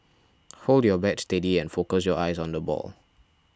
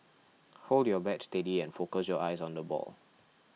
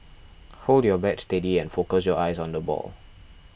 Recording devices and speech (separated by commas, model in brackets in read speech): standing microphone (AKG C214), mobile phone (iPhone 6), boundary microphone (BM630), read sentence